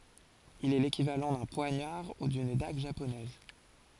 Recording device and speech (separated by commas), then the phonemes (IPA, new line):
forehead accelerometer, read sentence
il ɛ lekivalɑ̃ dœ̃ pwaɲaʁ u dyn daɡ ʒaponɛz